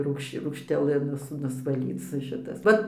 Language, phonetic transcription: Lithuanian, ˈrūgš rūgšteˈlɨ ˈnus nusvaˈlyc ˈšitas ˈvat

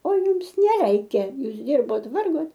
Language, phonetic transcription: Lithuanian, o ˈjums neˈreikia ˈjūs ˈdirbot ˈvargot

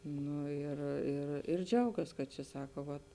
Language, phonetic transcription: Lithuanian, ˈnu ir ir ir ˈdžiaugas kad čia ˈsaka vat

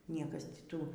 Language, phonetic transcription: Lithuanian, ˈniekas ti ˈtų

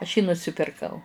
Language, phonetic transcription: Lithuanian, aš jį nusipirˈkau

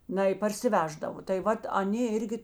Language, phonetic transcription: Lithuanian, ˈnai parsiˈveždavo tai ˈvat aˈnė ˈirgi

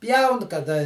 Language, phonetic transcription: Lithuanian, ˈpjaun kaˈda

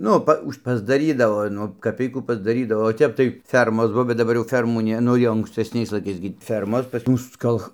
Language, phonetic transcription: Lithuanian, ˈnu pa ˈuž' ˈpasdaˈrydavo ˈnu kaˈpeikų ˈpasdarydavo o ˈtep tai ˈfermos ˈbuo bet daˈbar jau ˈfermų ˈne ˈnu jau ankstesˈniais laiˈkais gi ˈfermos pas ˈmus ˈkalch

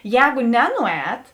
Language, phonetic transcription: Lithuanian, ˈjēgu ˈnenuˌēt

